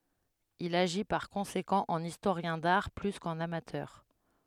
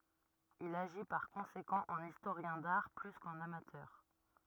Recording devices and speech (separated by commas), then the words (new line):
headset microphone, rigid in-ear microphone, read sentence
Il agit par conséquent en historien d'art plus qu'en amateur.